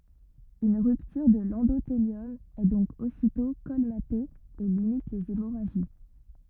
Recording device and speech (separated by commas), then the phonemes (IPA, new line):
rigid in-ear microphone, read sentence
yn ʁyptyʁ də lɑ̃doteljɔm ɛ dɔ̃k ositɔ̃ kɔlmate e limit lez emoʁaʒi